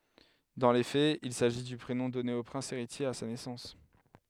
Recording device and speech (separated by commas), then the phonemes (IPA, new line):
headset microphone, read sentence
dɑ̃ le fɛz il saʒi dy pʁenɔ̃ dɔne o pʁɛ̃s eʁitje a sa nɛsɑ̃s